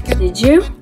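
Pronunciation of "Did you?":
In 'Did you?', the d before 'you' sounds like a j.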